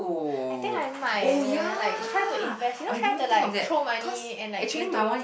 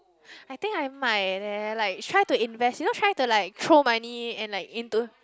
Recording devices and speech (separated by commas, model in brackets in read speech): boundary microphone, close-talking microphone, conversation in the same room